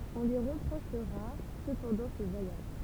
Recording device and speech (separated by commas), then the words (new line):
temple vibration pickup, read sentence
On lui reprochera cependant ce voyage.